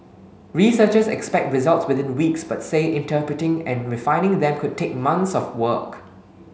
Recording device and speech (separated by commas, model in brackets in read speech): mobile phone (Samsung S8), read sentence